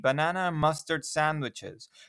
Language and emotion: English, sad